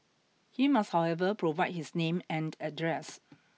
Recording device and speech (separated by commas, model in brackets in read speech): mobile phone (iPhone 6), read sentence